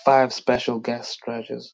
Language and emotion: English, angry